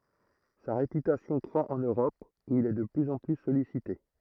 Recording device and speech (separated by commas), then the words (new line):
throat microphone, read sentence
Sa réputation croît en Europe où il est de plus en plus sollicité.